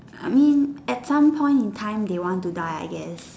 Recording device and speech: standing microphone, conversation in separate rooms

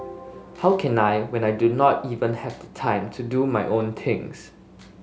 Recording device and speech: mobile phone (Samsung S8), read sentence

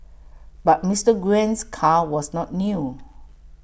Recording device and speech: boundary microphone (BM630), read sentence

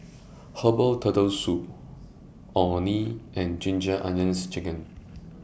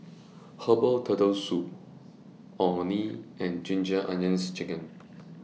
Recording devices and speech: boundary microphone (BM630), mobile phone (iPhone 6), read sentence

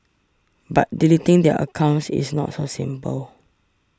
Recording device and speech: standing microphone (AKG C214), read sentence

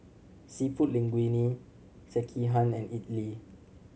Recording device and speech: mobile phone (Samsung C7100), read sentence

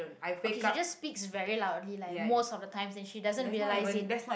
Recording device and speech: boundary microphone, conversation in the same room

